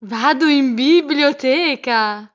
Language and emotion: Italian, happy